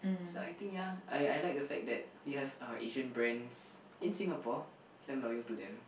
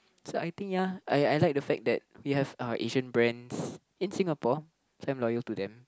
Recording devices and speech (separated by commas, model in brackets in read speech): boundary microphone, close-talking microphone, conversation in the same room